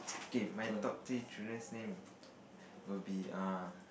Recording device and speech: boundary microphone, conversation in the same room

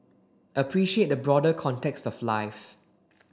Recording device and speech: standing microphone (AKG C214), read sentence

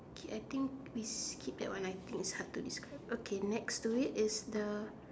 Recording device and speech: standing microphone, conversation in separate rooms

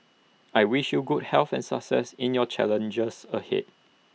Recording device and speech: mobile phone (iPhone 6), read sentence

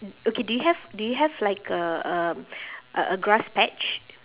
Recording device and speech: telephone, conversation in separate rooms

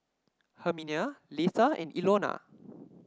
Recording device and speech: standing microphone (AKG C214), read sentence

